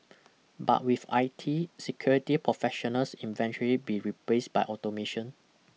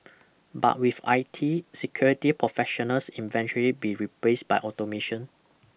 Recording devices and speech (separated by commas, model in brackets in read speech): mobile phone (iPhone 6), boundary microphone (BM630), read sentence